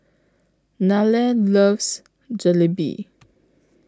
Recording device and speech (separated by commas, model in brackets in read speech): close-talking microphone (WH20), read sentence